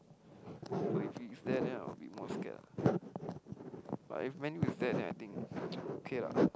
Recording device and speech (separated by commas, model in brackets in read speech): close-talking microphone, conversation in the same room